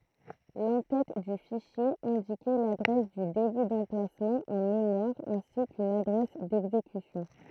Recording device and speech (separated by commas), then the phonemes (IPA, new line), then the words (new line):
throat microphone, read sentence
lɑ̃ tɛt dy fiʃje ɛ̃dikɛ ladʁɛs dy deby dɑ̃plasmɑ̃ ɑ̃ memwaʁ ɛ̃si kyn adʁɛs dɛɡzekysjɔ̃
L'en-tête du fichier indiquait l'adresse du début d'emplacement en mémoire ainsi qu'une adresse d'exécution.